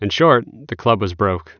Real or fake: real